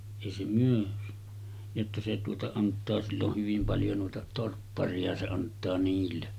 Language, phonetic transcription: Finnish, èi se 'myö « , jotta » se tuota 'ant̆taa sill ‿oh hyvim paljo nò̳e̳§ta 'torppari₍a se 'ant̆taa niille « .
- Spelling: ei se myy jotta se tuota antaa sillä on hyvin paljon noita torpparia se antaa niille

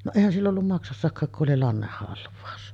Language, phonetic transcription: Finnish, no "èihän 'sill ‿ollum 'maksassakkaak ku’ ’oli 'lannehhalv̀aus .
- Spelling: no eihän sillä ollut maksassakaan kun oli lannehalvaus

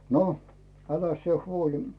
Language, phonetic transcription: Finnish, 'no , 'äläs sⁱe "huoĺi .
- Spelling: no äläs sinä huoli

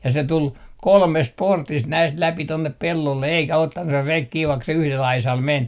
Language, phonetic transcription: Finnish, ja 'se 'tul , "kolmest "portist 'näist 'läpi 'tonnep 'pellolle eikä "ottan se 'rek 'kii vaik se 'yhlel 'aisal "men .
- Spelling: ja se tuli kolmesta portista näistä läpi tuonne pellolle eikä ottanut se reki kiinni vaikka se yhdellä aisalla meni

